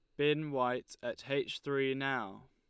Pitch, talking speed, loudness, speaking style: 135 Hz, 155 wpm, -35 LUFS, Lombard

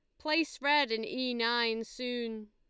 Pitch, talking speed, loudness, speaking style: 240 Hz, 155 wpm, -31 LUFS, Lombard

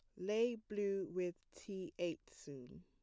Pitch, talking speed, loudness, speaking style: 190 Hz, 135 wpm, -42 LUFS, plain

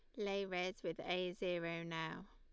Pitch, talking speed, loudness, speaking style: 180 Hz, 170 wpm, -42 LUFS, Lombard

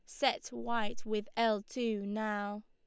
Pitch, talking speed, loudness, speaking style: 215 Hz, 145 wpm, -35 LUFS, Lombard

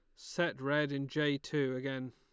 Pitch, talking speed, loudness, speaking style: 140 Hz, 190 wpm, -35 LUFS, Lombard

